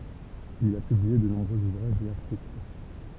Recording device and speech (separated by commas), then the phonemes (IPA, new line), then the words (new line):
temple vibration pickup, read sentence
il a pyblie də nɔ̃bʁøz uvʁaʒz e aʁtikl
Il a publié de nombreux ouvrages et articles.